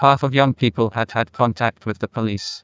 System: TTS, neural waveform model